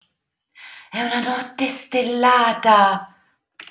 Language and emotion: Italian, surprised